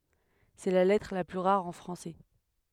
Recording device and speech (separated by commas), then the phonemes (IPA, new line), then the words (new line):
headset microphone, read sentence
sɛ la lɛtʁ la ply ʁaʁ ɑ̃ fʁɑ̃sɛ
C'est la lettre la plus rare en français.